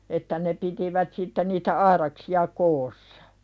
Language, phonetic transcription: Finnish, että ne pitivät sitte niitä "aiðaksi₍a 'koosaᴀ .
- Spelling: että ne pitivät sitten niitä aidaksia koossa

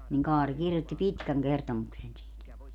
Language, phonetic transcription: Finnish, niŋ 'Kaari 'kirjotti "pitkäŋ 'kertomuksen siit .
- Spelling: niin Kaari kirjoitti pitkän kertomuksen siitä

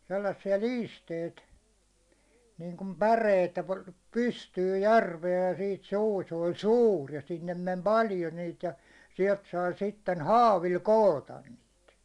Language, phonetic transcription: Finnish, sellassi₍a "liisteit , niiŋkum "päreit ‿ᵉttä pa- "pystyyj "järvee ja siit suu se oĺ "sûr , ja sinnem mem "paljo niit ja , siɛlt sai sitten "haavil 'kootan niit .
- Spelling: sellaisia liisteitä niin kuin päreitä että - pystyyn järveen ja sitten suu se oli suuri ja sinne meni paljon niitä ja sieltä sai sitten haavilla koota niitä

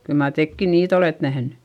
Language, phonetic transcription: Finnish, kyl mar tekkin niit ‿olet nähnY !
- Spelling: kyllä mar tekin niitä olette nähnyt

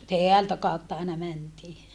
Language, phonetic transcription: Finnish, teältä kàutta aina mäntii .
- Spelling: täältä kautta aina mentiin

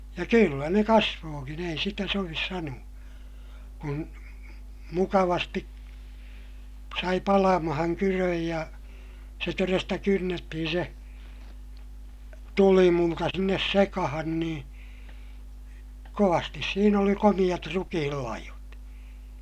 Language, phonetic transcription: Finnish, ja kyllä ne kasvookin ‿ei sitä sovis sanu₍a , kun , mukavasti , sai palamahaŋ kyröj ja , se toresta kynnettihin se , tulimulta sinnes sekahan nii , kovastis siin ‿oli komiʲat rukihillaihot .
- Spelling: ja kyllä ne kasvoikin ei sitä sovi sanoa kun mukavasti sai palamaan kydön ja se todesta kynnettiin se tulimulta sinne sekaan niin kovasti siinä oli komeat rukiinlaihot

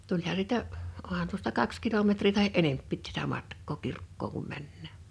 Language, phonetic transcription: Finnish, 'tuĺha sitä , ’ohan tuosta 'kaks kilometrii tahi '’enemppiit tätä 'matk̆koo 'kirkkoo(ŋ) kum 'männää .
- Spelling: tulihan sitä onhan tuosta kaksi kilometriä tai enempikin tätä matkaa kirkkoon kun mennään

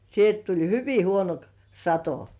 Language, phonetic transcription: Finnish, sielt tuĺ 'hyvi huono k- , "sato .
- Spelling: sieltä tuli hyvin huono - sato

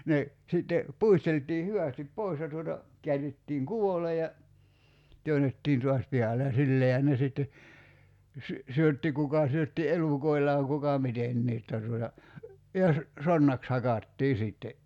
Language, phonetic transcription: Finnish, 'ne , 'sitte , "puistelt̀ii 'hyvä̀stip "pois ja tuota , 'kiär̆rittiiŋ "ku₍ole ja , 'työnettiin tuas 'pihale ja 'silleehän ne sitte , sy- , 'syötti 'kuka syötti "elùkoillaaŋ 'kuka "mitennii ‿tta tuota , ja sə- , 'sonnaks 'hakattii 'sìtte .
- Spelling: ne sitten puisteltiin hyvästi pois ja tuota käärittiin kuvolle ja työnnettiin taas pihalle ja sillä laillahan ne sitten - syötti kuka syötti elukoillaan kuka mitenkin jotta tuota ja - sonnaksi hakattiin sitten

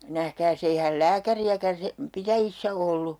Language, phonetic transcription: Finnish, 'nähkääs ‿eihäl "lääkäri₍äkän sem- , 'pitäjissä 'ollu .
- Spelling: nähkääs eihän lääkäriäkään - pitäjissä ollut

